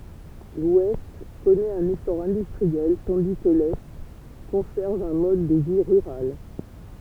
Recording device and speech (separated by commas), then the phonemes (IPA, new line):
temple vibration pickup, read sentence
lwɛst kɔnɛt œ̃n esɔʁ ɛ̃dystʁiɛl tɑ̃di kə lɛ kɔ̃sɛʁv œ̃ mɔd də vi ʁyʁal